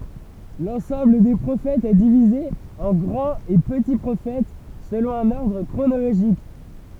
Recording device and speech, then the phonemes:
temple vibration pickup, read sentence
lɑ̃sɑ̃bl de pʁofɛtz ɛ divize ɑ̃ ɡʁɑ̃t e pəti pʁofɛt səlɔ̃ œ̃n ɔʁdʁ kʁonoloʒik

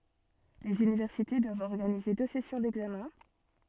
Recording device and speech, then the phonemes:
soft in-ear microphone, read sentence
lez ynivɛʁsite dwavt ɔʁɡanize dø sɛsjɔ̃ dɛɡzamɛ̃

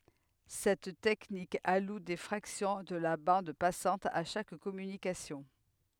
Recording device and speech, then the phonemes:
headset microphone, read sentence
sɛt tɛknik alu de fʁaksjɔ̃ də la bɑ̃d pasɑ̃t a ʃak kɔmynikasjɔ̃

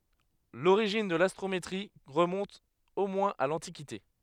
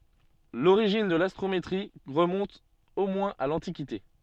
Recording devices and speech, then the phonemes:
headset microphone, soft in-ear microphone, read sentence
loʁiʒin də lastʁometʁi ʁəmɔ̃t o mwɛ̃z a lɑ̃tikite

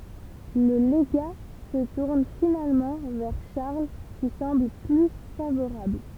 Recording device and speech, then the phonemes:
temple vibration pickup, read sentence
lə leɡa sə tuʁn finalmɑ̃ vɛʁ ʃaʁl ki sɑ̃bl ply favoʁabl

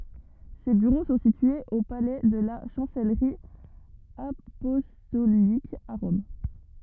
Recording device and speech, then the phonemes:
rigid in-ear microphone, read sentence
se byʁo sɔ̃ sityez o palɛ də la ʃɑ̃sɛlʁi apɔstolik a ʁɔm

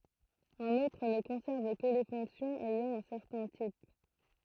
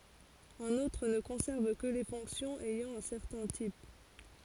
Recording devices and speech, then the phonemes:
throat microphone, forehead accelerometer, read sentence
œ̃n otʁ nə kɔ̃sɛʁv kə le fɔ̃ksjɔ̃z ɛjɑ̃ œ̃ sɛʁtɛ̃ tip

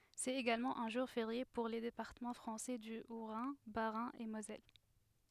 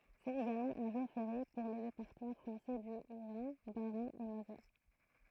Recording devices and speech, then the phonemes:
headset microphone, throat microphone, read sentence
sɛt eɡalmɑ̃ œ̃ ʒuʁ feʁje puʁ le depaʁtəmɑ̃ fʁɑ̃sɛ dy otʁɛ̃ basʁɛ̃ e mozɛl

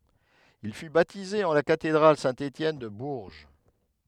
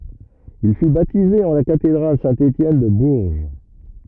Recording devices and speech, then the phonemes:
headset microphone, rigid in-ear microphone, read sentence
il fy batize ɑ̃ la katedʁal sɛ̃ etjɛn də buʁʒ

